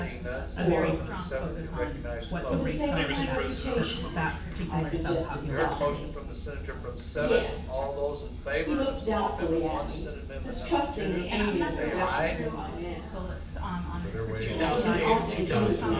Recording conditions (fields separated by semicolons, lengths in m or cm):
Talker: one person; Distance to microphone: 9.8 m; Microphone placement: far; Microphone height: 1.8 m; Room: large; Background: babble